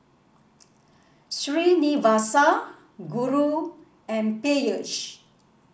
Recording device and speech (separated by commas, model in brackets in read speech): boundary microphone (BM630), read sentence